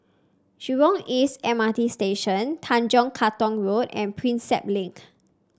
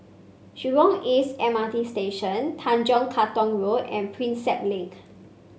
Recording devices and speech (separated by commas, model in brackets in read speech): standing microphone (AKG C214), mobile phone (Samsung C5), read sentence